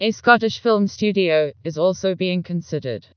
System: TTS, vocoder